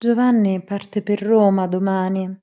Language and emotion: Italian, sad